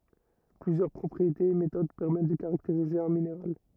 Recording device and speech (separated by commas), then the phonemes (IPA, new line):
rigid in-ear microphone, read sentence
plyzjœʁ pʁɔpʁietez e metod pɛʁmɛt də kaʁakteʁize œ̃ mineʁal